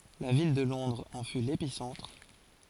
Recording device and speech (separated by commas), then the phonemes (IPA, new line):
forehead accelerometer, read sentence
la vil də lɔ̃dʁz ɑ̃ fy lepisɑ̃tʁ